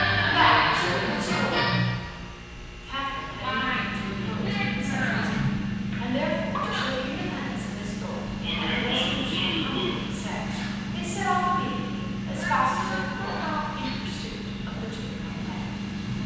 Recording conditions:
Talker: one person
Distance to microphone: 7.1 m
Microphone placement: far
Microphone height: 1.7 m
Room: very reverberant, large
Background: television

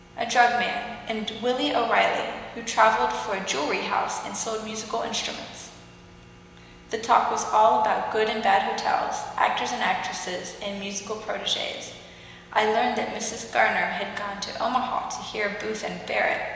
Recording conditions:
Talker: one person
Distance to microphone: 1.7 m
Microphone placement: close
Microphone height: 1.0 m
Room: very reverberant, large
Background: none

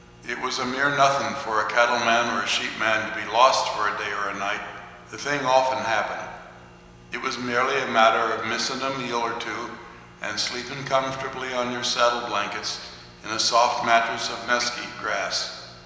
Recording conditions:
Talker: one person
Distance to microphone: 1.7 m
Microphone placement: close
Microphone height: 1.0 m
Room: very reverberant, large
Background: none

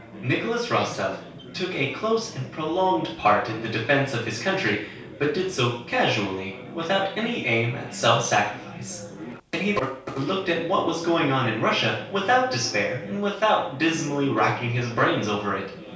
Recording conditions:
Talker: one person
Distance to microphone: 3.0 m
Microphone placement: far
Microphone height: 1.8 m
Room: small (3.7 m by 2.7 m)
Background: babble

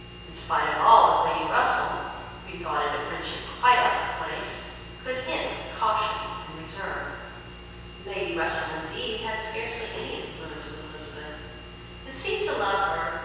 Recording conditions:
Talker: one person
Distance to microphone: 7.1 m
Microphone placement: far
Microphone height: 1.7 m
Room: very reverberant, large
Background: none

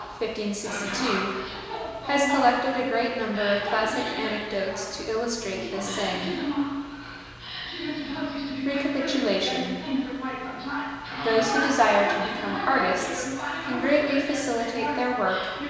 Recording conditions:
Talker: one person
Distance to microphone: 1.7 m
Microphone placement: close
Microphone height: 1.0 m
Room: very reverberant, large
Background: television

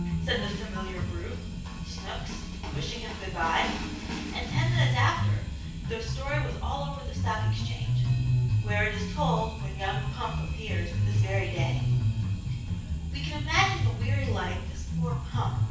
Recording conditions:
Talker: one person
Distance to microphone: 9.8 m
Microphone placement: far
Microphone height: 1.8 m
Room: large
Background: music

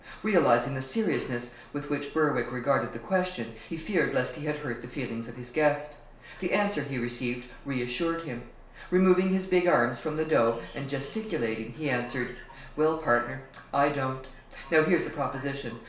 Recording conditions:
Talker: one person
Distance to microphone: 1.0 m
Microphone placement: close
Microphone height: 1.1 m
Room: small (3.7 m by 2.7 m)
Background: television

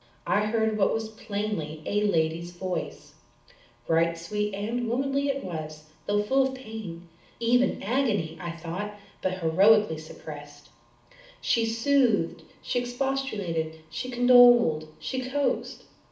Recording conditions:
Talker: one person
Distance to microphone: 2.0 m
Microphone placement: close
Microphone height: 99 cm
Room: medium-sized (5.7 m by 4.0 m)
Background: none

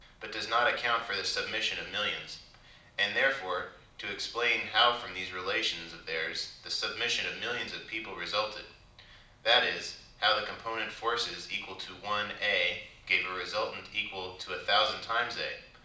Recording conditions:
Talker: one person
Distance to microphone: 2.0 m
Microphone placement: close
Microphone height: 99 cm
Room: medium-sized (5.7 m by 4.0 m)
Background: none

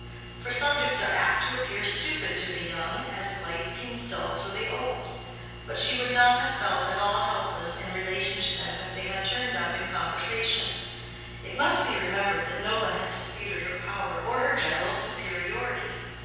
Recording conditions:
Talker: one person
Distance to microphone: 7.1 m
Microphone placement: far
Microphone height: 1.7 m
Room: very reverberant, large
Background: none

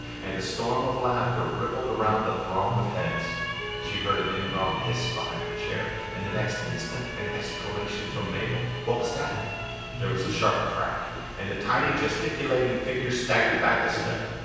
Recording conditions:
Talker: one person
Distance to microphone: 7.1 m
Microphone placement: far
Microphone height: 1.7 m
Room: very reverberant, large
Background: television

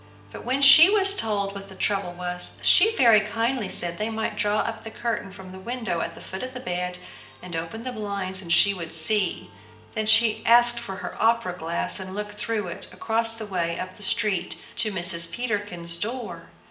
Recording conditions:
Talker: one person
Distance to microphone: 1.8 m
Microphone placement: close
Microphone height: 1.0 m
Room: large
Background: music

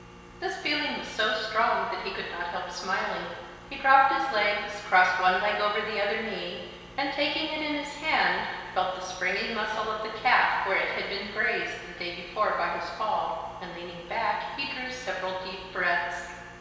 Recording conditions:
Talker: one person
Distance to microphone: 1.7 m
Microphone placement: close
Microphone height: 1.0 m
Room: very reverberant, large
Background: none

